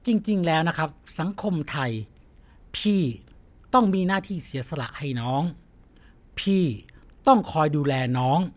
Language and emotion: Thai, frustrated